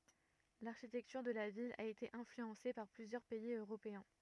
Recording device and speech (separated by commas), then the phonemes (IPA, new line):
rigid in-ear microphone, read sentence
laʁʃitɛktyʁ də la vil a ete ɛ̃flyɑ̃se paʁ plyzjœʁ pɛiz øʁopeɛ̃